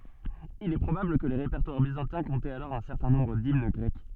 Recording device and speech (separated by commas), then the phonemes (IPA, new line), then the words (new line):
soft in-ear microphone, read sentence
il ɛ pʁobabl kə le ʁepɛʁtwaʁ bizɑ̃tɛ̃ kɔ̃tɛt alɔʁ œ̃ sɛʁtɛ̃ nɔ̃bʁ dimn ɡʁɛk
Il est probable que les répertoires byzantins comptaient alors un certain nombre d'hymnes grecques.